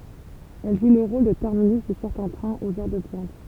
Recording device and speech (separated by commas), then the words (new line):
temple vibration pickup, read sentence
Elle joue le rôle de terminus de certains trains aux heures de pointe.